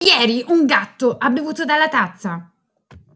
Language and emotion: Italian, angry